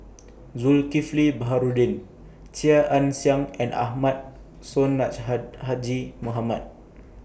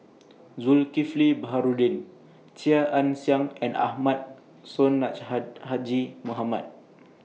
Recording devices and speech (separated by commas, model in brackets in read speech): boundary microphone (BM630), mobile phone (iPhone 6), read sentence